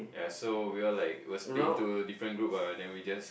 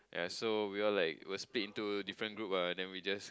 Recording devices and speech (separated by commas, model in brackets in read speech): boundary microphone, close-talking microphone, conversation in the same room